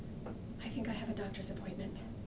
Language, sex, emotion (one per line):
English
female
fearful